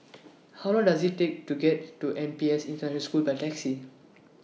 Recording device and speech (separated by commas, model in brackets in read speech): mobile phone (iPhone 6), read sentence